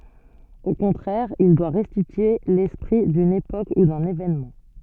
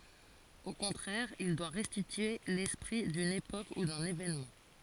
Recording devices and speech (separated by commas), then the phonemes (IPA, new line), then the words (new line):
soft in-ear microphone, forehead accelerometer, read sentence
o kɔ̃tʁɛʁ il dwa ʁɛstitye lɛspʁi dyn epok u dœ̃n evenmɑ̃
Au contraire, il doit restituer l’esprit d’une époque ou d’un événement.